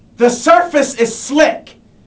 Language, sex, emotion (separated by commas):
English, male, angry